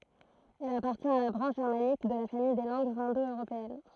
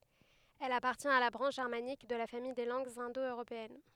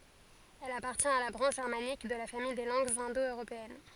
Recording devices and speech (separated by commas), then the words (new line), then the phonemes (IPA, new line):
throat microphone, headset microphone, forehead accelerometer, read sentence
Elle appartient à la branche germanique de la famille des langues indo-européennes.
ɛl apaʁtjɛ̃t a la bʁɑ̃ʃ ʒɛʁmanik də la famij de lɑ̃ɡz ɛ̃do øʁopeɛn